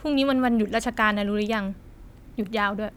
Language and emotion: Thai, frustrated